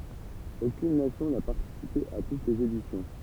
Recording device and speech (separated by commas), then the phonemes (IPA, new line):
temple vibration pickup, read sentence
okyn nasjɔ̃ na paʁtisipe a tut lez edisjɔ̃